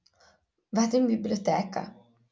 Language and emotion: Italian, neutral